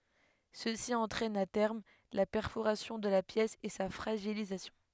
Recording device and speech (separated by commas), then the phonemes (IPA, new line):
headset microphone, read sentence
səsi ɑ̃tʁɛn a tɛʁm la pɛʁfoʁasjɔ̃ də la pjɛs e sa fʁaʒilizasjɔ̃